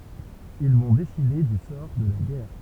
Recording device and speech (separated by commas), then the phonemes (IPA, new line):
temple vibration pickup, read sentence
il vɔ̃ deside dy sɔʁ də la ɡɛʁ